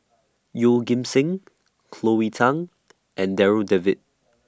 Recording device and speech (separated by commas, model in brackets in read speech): standing microphone (AKG C214), read sentence